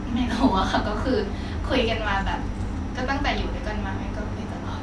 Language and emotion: Thai, happy